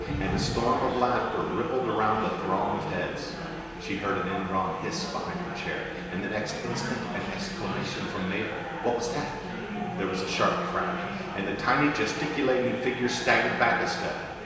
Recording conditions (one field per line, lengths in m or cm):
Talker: one person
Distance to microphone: 1.7 m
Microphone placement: close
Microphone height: 1.0 m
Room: very reverberant, large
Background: babble